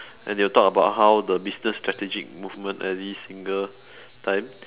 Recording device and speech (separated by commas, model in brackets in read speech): telephone, conversation in separate rooms